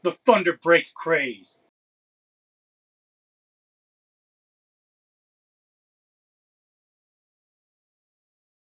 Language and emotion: English, angry